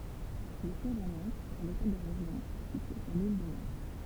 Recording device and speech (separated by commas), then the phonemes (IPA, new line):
temple vibration pickup, read sentence
il sjɛʒ a nɑ̃tz a lotɛl də ʁeʒjɔ̃ sitye syʁ lil də nɑ̃t